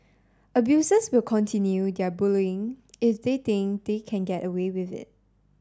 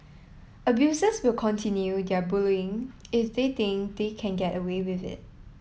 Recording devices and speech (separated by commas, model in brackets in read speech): standing microphone (AKG C214), mobile phone (iPhone 7), read sentence